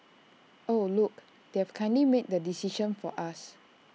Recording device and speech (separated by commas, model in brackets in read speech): mobile phone (iPhone 6), read sentence